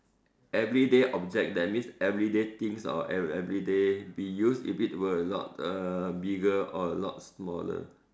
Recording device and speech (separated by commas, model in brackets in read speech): standing microphone, conversation in separate rooms